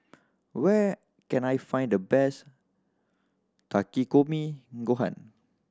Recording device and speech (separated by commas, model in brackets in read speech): standing microphone (AKG C214), read sentence